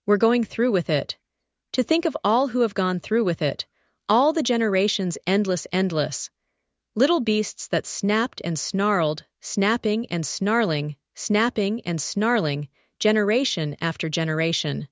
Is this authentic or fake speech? fake